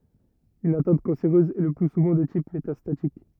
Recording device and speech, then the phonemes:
rigid in-ear microphone, read sentence
yn atɛ̃t kɑ̃seʁøz ɛ lə ply suvɑ̃ də tip metastatik

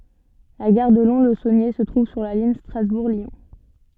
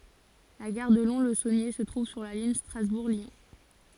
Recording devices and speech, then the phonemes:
soft in-ear microphone, forehead accelerometer, read sentence
la ɡaʁ də lɔ̃slzonje sə tʁuv syʁ la liɲ stʁazbuʁ ljɔ̃

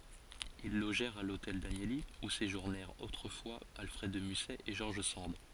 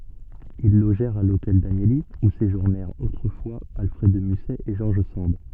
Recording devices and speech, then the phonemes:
forehead accelerometer, soft in-ear microphone, read sentence
il loʒɛʁt a lotɛl danjəli u seʒuʁnɛʁt otʁəfwa alfʁɛd də mysɛ e ʒɔʁʒ sɑ̃d

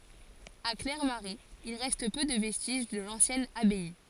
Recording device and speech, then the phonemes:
forehead accelerometer, read sentence
a klɛʁmaʁɛz il ʁɛst pø də vɛstiʒ də lɑ̃sjɛn abaj

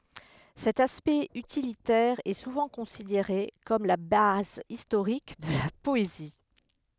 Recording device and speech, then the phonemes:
headset microphone, read sentence
sɛt aspɛkt ytilitɛʁ ɛ suvɑ̃ kɔ̃sideʁe kɔm la baz istoʁik də la pɔezi

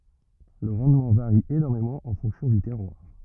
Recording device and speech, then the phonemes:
rigid in-ear microphone, read sentence
lə ʁɑ̃dmɑ̃ vaʁi enɔʁmemɑ̃ ɑ̃ fɔ̃ksjɔ̃ dy tɛʁwaʁ

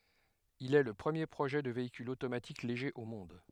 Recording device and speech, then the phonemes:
headset microphone, read sentence
il ɛ lə pʁəmje pʁoʒɛ də veikyl otomatik leʒe o mɔ̃d

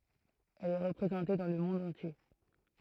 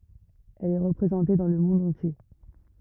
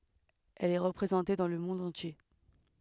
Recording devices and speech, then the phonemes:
throat microphone, rigid in-ear microphone, headset microphone, read sentence
ɛl ɛ ʁəpʁezɑ̃te dɑ̃ lə mɔ̃d ɑ̃tje

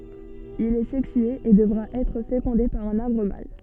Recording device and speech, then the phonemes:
soft in-ear microphone, read sentence
il ɛ sɛksye e dəvʁa ɛtʁ fekɔ̃de paʁ œ̃n aʁbʁ mal

